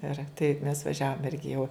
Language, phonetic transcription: Lithuanian, ir taip mes vaˈžiavom ˈirgi jau

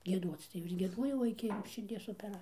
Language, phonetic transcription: Lithuanian, gieˈduoc tai jau ir gieˈduojau ˈiki širˈdies opeˈra

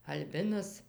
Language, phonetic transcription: Lithuanian, alˈbinas

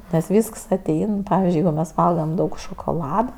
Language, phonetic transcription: Lithuanian, nes ˈvysks aˈtein ˈpavizdžiui ˈjeigu mes ˈvalgam ˈdaug šokoˈlada

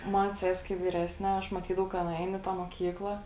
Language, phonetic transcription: Lithuanian, ˈman ˈses' kai vyˈresne ˈaš maˈtydavau ka ˈana ein i ˈtą moˈkykla

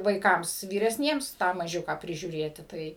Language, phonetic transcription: Lithuanian, vaiˈkams vyresˈniems ˈtą maˈžiuką prižiūˈrėti ˈtai

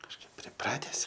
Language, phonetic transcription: Lithuanian, kažˈkaip priˈprates

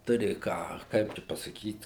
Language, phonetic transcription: Lithuanian, ˈturi ˈką ˈkaip čia pasaˈkyt

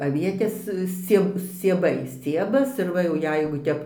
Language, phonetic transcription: Lithuanian, aˈvietės ˈscie scieˈbai ˈsciebas ir ˈva jau ˈjeigu ˈtep

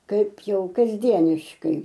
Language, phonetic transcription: Lithuanian, ˈkaip ˈjau kasˈdieniškai

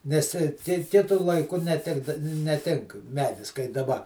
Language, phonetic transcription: Lithuanian, nes ˈki ˈkitu laiˈku neˈtikda neˈtink ˈmedis kai daˈba

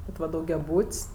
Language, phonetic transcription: Lithuanian, ˈvat va daugiaˈbūt's'

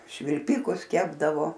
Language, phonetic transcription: Lithuanian, švilˈpikus ˈkepdavo

